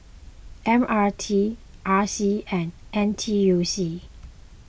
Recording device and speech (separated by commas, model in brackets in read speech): boundary microphone (BM630), read sentence